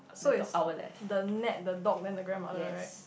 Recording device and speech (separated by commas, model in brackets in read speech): boundary microphone, conversation in the same room